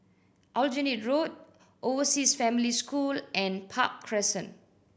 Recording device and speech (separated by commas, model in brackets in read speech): boundary microphone (BM630), read sentence